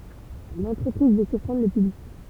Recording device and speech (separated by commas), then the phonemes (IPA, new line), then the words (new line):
temple vibration pickup, read sentence
lɑ̃tʁəpʁiz vø syʁpʁɑ̃dʁ lə pyblik
L’entreprise veut surprendre le public.